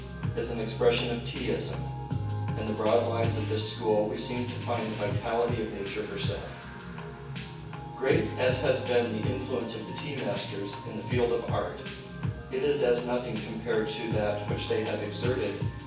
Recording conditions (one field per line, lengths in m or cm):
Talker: one person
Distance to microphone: 9.8 m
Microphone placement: far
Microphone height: 1.8 m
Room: large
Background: music